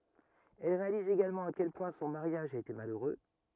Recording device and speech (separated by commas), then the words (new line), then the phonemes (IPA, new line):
rigid in-ear microphone, read sentence
Elle réalise également à quel point son mariage a été malheureux.
ɛl ʁealiz eɡalmɑ̃ a kɛl pwɛ̃ sɔ̃ maʁjaʒ a ete maløʁø